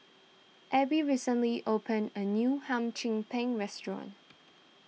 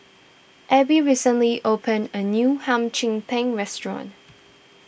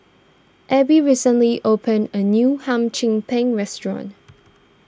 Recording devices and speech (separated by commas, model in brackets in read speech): mobile phone (iPhone 6), boundary microphone (BM630), standing microphone (AKG C214), read sentence